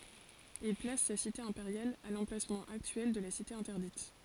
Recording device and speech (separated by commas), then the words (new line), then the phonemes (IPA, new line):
forehead accelerometer, read sentence
Il place sa cité impériale à l'emplacement actuel de la Cité interdite.
il plas sa site ɛ̃peʁjal a lɑ̃plasmɑ̃ aktyɛl də la site ɛ̃tɛʁdit